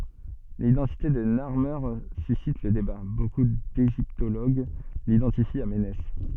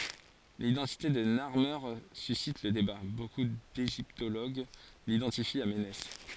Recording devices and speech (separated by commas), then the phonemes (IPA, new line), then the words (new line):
soft in-ear microphone, forehead accelerometer, read sentence
lidɑ̃tite də naʁme sysit lə deba boku deʒiptoloɡ lidɑ̃tifi a menɛs
L'identité de Narmer suscite le débat, beaucoup d'égyptologues l'identifient à Ménès.